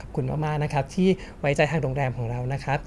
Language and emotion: Thai, happy